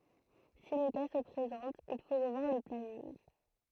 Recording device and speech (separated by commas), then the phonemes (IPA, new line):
throat microphone, read sentence
si lə ka sə pʁezɑ̃t il fo ʁəvwaʁ lə planinɡ